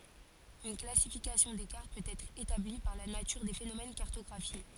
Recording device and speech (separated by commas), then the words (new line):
forehead accelerometer, read sentence
Une classification des cartes peut être établie par la nature des phénomènes cartographiés.